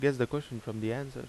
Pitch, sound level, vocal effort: 120 Hz, 82 dB SPL, normal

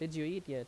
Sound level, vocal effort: 85 dB SPL, loud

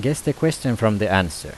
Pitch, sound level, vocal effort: 115 Hz, 84 dB SPL, normal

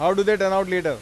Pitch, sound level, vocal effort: 195 Hz, 100 dB SPL, loud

